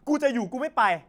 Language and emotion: Thai, angry